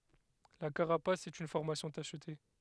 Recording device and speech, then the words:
headset microphone, read sentence
La carapace est une formation tachetée.

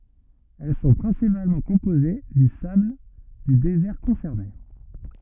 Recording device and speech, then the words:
rigid in-ear microphone, read sentence
Elles sont principalement composées du sable du désert concerné.

